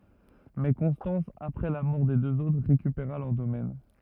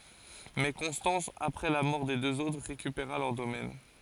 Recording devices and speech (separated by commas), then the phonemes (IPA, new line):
rigid in-ear microphone, forehead accelerometer, read sentence
mɛ kɔ̃stɑ̃s apʁɛ la mɔʁ de døz otʁ ʁekypeʁa lœʁ domɛn